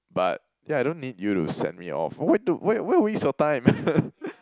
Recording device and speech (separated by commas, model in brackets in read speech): close-talking microphone, conversation in the same room